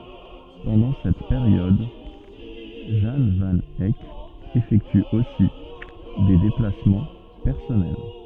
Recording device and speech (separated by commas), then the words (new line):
soft in-ear microphone, read sentence
Pendant cette période, Jan van Eyck effectue aussi des déplacements personnels.